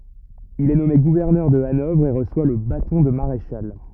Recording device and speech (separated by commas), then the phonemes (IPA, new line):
rigid in-ear microphone, read sentence
il ɛ nɔme ɡuvɛʁnœʁ də anɔvʁ e ʁəswa lə batɔ̃ də maʁeʃal